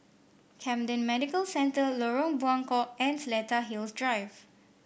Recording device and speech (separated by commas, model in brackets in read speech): boundary microphone (BM630), read sentence